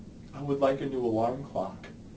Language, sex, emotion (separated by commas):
English, male, sad